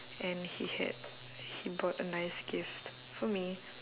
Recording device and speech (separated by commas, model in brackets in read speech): telephone, conversation in separate rooms